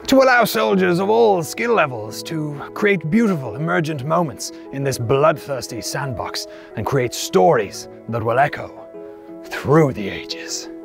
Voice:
knightly voice